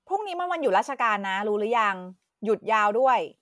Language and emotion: Thai, neutral